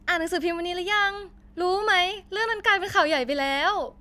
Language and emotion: Thai, happy